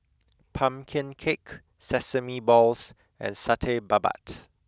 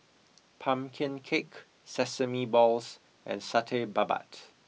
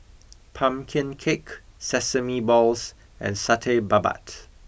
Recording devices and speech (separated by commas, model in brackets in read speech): close-talking microphone (WH20), mobile phone (iPhone 6), boundary microphone (BM630), read sentence